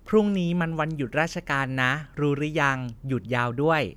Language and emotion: Thai, neutral